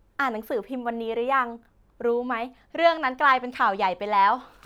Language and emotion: Thai, happy